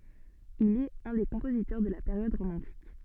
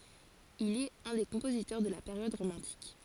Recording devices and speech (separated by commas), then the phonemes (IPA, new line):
soft in-ear microphone, forehead accelerometer, read sentence
il ɛt œ̃ de kɔ̃pozitœʁ də la peʁjɔd ʁomɑ̃tik